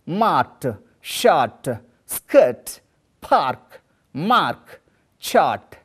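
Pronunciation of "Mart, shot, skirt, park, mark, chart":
These words are pronounced incorrectly here.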